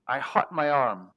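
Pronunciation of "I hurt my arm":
The vowel in 'hurt' is pronounced incorrectly here.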